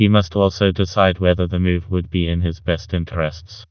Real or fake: fake